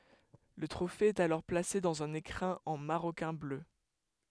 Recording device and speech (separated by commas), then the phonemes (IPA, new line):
headset microphone, read sentence
lə tʁofe ɛt alɔʁ plase dɑ̃z œ̃n ekʁɛ̃ ɑ̃ maʁokɛ̃ blø